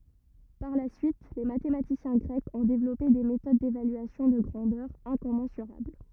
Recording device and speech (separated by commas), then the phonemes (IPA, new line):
rigid in-ear microphone, read sentence
paʁ la syit le matematisjɛ̃ ɡʁɛkz ɔ̃ devlɔpe de metod devalyasjɔ̃ də ɡʁɑ̃dœʁz ɛ̃kɔmɑ̃syʁabl